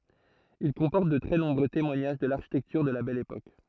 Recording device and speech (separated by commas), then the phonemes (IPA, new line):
throat microphone, read sentence
il kɔ̃pɔʁt də tʁɛ nɔ̃bʁø temwaɲaʒ də laʁʃitɛktyʁ də la bɛl epok